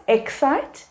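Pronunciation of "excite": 'Excite' is pronounced incorrectly here.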